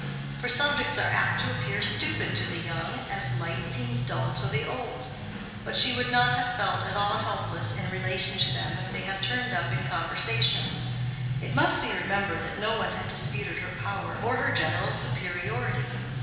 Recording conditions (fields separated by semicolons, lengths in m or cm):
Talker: one person; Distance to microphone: 1.7 m; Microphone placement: close; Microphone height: 1.0 m; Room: very reverberant, large; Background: music